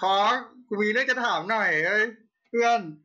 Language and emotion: Thai, happy